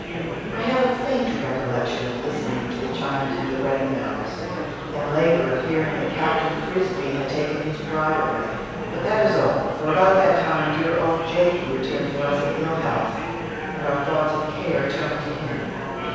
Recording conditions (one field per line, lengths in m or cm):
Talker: one person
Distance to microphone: 7.1 m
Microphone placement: far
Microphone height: 1.7 m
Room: very reverberant, large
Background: babble